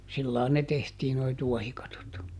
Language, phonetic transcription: Finnish, ˈsillaan ne ˈtehtii noi "tuɔhikatot .
- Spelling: sillä lailla ne tehtiin nuo tuohikatot

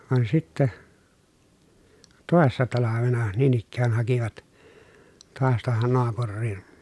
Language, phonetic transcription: Finnish, van sittä , tòessa talavena niin ‿ikkään hakivat , toas tᵘohon noapurriIN .
- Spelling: vaan sitten toissa talvena niin ikään hakivat taas tuohon naapuriin

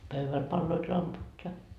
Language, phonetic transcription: Finnish, "pövväl palloit 'lamput ja .
- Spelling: pöydällä paloivat lamput ja

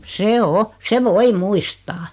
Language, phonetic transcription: Finnish, se "o , 'se "voi 'muistaa .
- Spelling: se on se voi muistaa

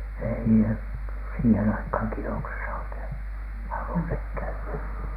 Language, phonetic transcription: Finnish, ei ne , siihen aikhaŋ 'kinoksesa oikeiN , "halunhek 'käy₍ä .
- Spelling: ei ne siihen aikaan kinoksessa oikein halunneet käydä

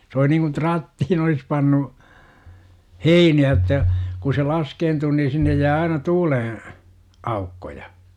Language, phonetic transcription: Finnish, s ‿oˡi niŋkun "trattihin ‿olis 'pannu , "heini₍ä j°tta , ku se 'laskeentuu nii 'sinnej jää aina "tuuleḛ- , 'aukkoja .
- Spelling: se oli niin kuin trattiin olisi pannut heiniä jotta kun se laskeutuu niin sinne jää aina tuulen aukkoja

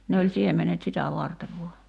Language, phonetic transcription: Finnish, ne oĺ 'siemenet 'sitä 'vartev vua .
- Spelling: ne oli siemenet sitä varten vain

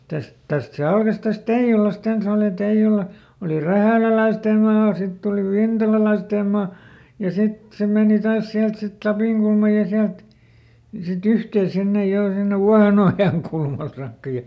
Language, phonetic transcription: Finnish, ˈtäst , ˈtäst se ˈalkas ˈtäst "Teiʲulasˈt ‿ens ‿òli ˈTeiʲula , oli "rähä̀läläistèm̆ maa ˈsitt ‿oli ˈvintalalaistèm̆ maa , ja ˈsit se "mèni ˈtaas ˈsiält sit "Lapìŋkulmaj ja ˈsiält , si"t ‿yhtee ˈsinnej ˈjo ˈsinnev "Vuahenojanˈkulmal saakka ja ,.¨¨
- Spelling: tästä tästä se alkoi tästä Teijulasta ensin oli Teijula oli rähäläläisten maa sitten oli vintalalaisten maa ja sitten se meni taas sieltä sitten Lapinkulman ja sieltä sitten yhteen sinne jo sinne Vuohenojankulmalle saakka ja

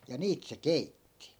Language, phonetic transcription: Finnish, ja 'niit se "keitti .
- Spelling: ja niitä se keitti

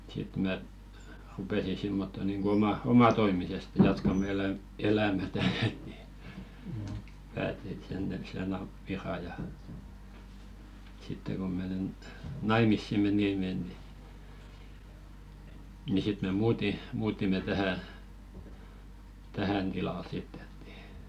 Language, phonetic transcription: Finnish, 'sit mä , 'rupèsi simmotto niŋɢo oma- , "omatoimiseste jatkamᵃ 'eläm- , 'elämätä ni , 'pääti et 'sen ja – ja , ja 'sitte ko menen , "naimissi 'menìme ni , ni 'sit me "muuti- , 'muutime 'tähä , 'tähän tilal sitt ‿et ni .
- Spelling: sitten minä rupesin semmottoon niin kuin - omatoimisesti jatkamaan - elämää niin päätin että sen ja ja ja sitten kun menen naimisiin menimme niin niin sitten me - muutimme tähän tähän tilalle sitten että niin

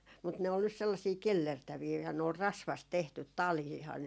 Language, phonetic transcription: Finnish, mut ne ol nys sellasii "kellertävii ja ne ol "rasvast 'tehtyt 'taliihan ,.
- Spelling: mutta ne oli nyt sellaisia kellertäviä ja ne oli rasvasta tehty taliahan

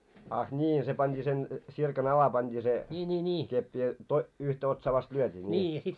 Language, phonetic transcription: Finnish, ah 'ńii se panᴅii sen , 'tsirka'n ‿ala panᴅ́ii se , keppi ja to- , 'yhtä otsaa vast 'lyöt́ii ńii .
- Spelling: ah niin se pantiin sen tsirkan alle pantiin se keppi ja - yhtä otsaa vasten lyötiin niin

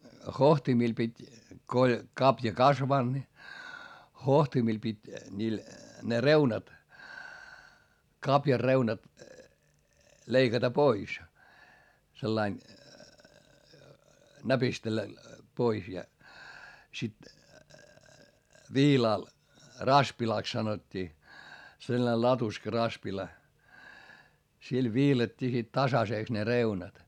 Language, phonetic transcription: Finnish, hohtimil pit́ , ko oĺ , kapja kasvanD ni , hohtimil pit́ , ńiil , ne reunat , kapjar reunat , leikata pois , sellain , näpistellä , pois ja , sit , viilàl , raspilàks sanot́t́ii , selˡᵃne latuska raspila , sil viilat́t́ii sit tasasèks ne reunat .
- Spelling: hohtimilla piti kun oli kavio kasvanut niin hohtimilla piti niillä ne reunat kavion reunat leikata pois sillä lailla näpistellä pois ja sitten viilalla raspilaksi sanottiin sellainen latuska raspila sillä viilattiin sitten tasaiseksi ne reunat

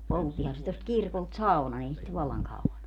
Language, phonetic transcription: Finnish, 'polttihan se tost 'kirkolt "sau̬nan ‿ei sit 'vallaŋ 'kau₍an ‿o .
- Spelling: polttihan se tuosta kirkolta saunan ei siitä vallan kauan ole

